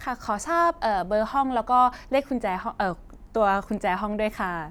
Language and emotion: Thai, neutral